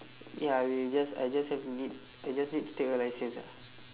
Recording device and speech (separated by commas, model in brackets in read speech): telephone, conversation in separate rooms